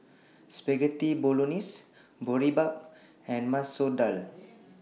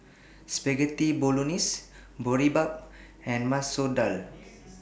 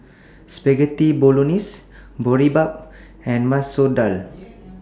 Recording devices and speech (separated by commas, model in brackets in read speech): mobile phone (iPhone 6), boundary microphone (BM630), standing microphone (AKG C214), read sentence